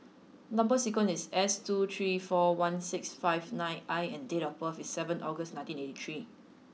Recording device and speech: mobile phone (iPhone 6), read sentence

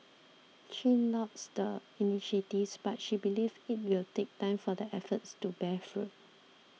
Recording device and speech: mobile phone (iPhone 6), read sentence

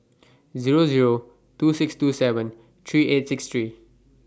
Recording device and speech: standing microphone (AKG C214), read sentence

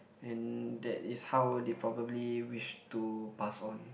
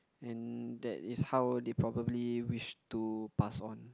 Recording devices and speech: boundary microphone, close-talking microphone, conversation in the same room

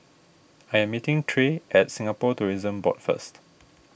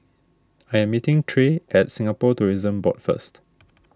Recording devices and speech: boundary microphone (BM630), standing microphone (AKG C214), read sentence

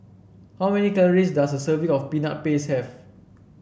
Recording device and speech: boundary microphone (BM630), read sentence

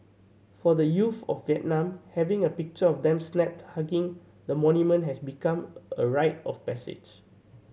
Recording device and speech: mobile phone (Samsung C7100), read sentence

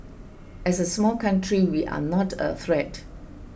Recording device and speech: boundary microphone (BM630), read sentence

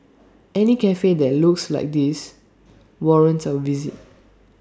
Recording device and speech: standing microphone (AKG C214), read sentence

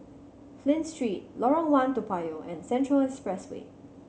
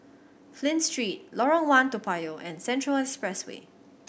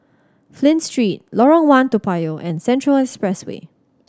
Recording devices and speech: mobile phone (Samsung C7100), boundary microphone (BM630), standing microphone (AKG C214), read sentence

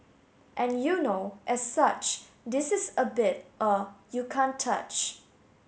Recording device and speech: mobile phone (Samsung S8), read sentence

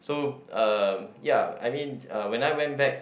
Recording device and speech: boundary microphone, conversation in the same room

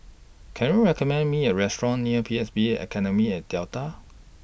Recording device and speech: boundary microphone (BM630), read sentence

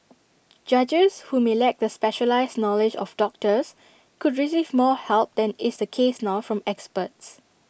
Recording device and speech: boundary microphone (BM630), read sentence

